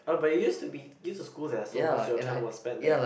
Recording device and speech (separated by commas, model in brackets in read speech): boundary microphone, conversation in the same room